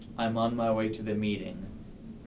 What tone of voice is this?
neutral